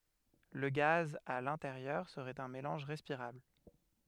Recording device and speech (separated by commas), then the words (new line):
headset microphone, read sentence
Le gaz à l'intérieur serait un mélange respirable.